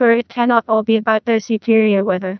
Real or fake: fake